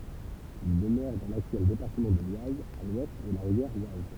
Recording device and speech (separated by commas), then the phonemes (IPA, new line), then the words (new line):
temple vibration pickup, read sentence
il dəmøʁɛ dɑ̃ laktyɛl depaʁtəmɑ̃ də lwaz a lwɛst də la ʁivjɛʁ waz
Ils demeuraient dans l’actuel département de l'Oise à l’ouest de la rivière Oise.